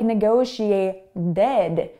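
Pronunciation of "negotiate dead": In 'negotiated', the t between two vowel sounds sounds like a d, the way North American English speakers say it.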